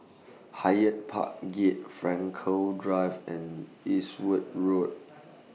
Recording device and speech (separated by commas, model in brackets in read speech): mobile phone (iPhone 6), read sentence